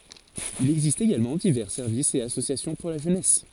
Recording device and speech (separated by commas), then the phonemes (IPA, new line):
forehead accelerometer, read sentence
il ɛɡzist eɡalmɑ̃ divɛʁ sɛʁvisz e asosjasjɔ̃ puʁ la ʒønɛs